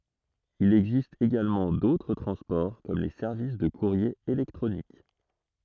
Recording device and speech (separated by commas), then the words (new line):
throat microphone, read sentence
Il existe également d’autres transports comme les services de courrier électronique.